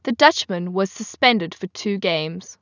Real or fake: real